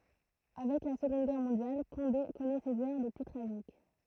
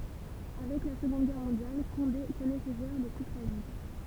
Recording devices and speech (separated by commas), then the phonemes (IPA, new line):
throat microphone, temple vibration pickup, read sentence
avɛk la səɡɔ̃d ɡɛʁ mɔ̃djal kɔ̃de kɔnɛ sez œʁ le ply tʁaʒik